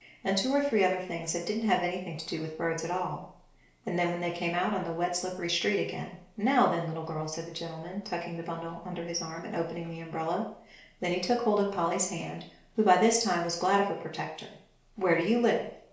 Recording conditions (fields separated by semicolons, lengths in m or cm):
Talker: one person; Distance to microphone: 1.0 m; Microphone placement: close; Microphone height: 1.1 m; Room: small (3.7 m by 2.7 m); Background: none